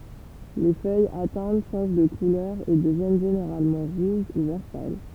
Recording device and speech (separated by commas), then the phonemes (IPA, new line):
temple vibration pickup, read sentence
le fœjz atɛ̃t ʃɑ̃ʒ də kulœʁ e dəvjɛn ʒeneʁalmɑ̃ ʁuʒ u vɛʁ pal